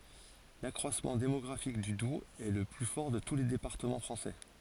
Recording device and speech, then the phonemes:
forehead accelerometer, read sentence
lakʁwasmɑ̃ demɔɡʁafik dy dubz ɛ lə ply fɔʁ də tu le depaʁtəmɑ̃ fʁɑ̃sɛ

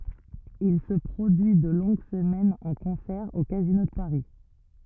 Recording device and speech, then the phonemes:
rigid in-ear microphone, read sentence
il sə pʁodyi də lɔ̃ɡ səmɛnz ɑ̃ kɔ̃sɛʁ o kazino də paʁi

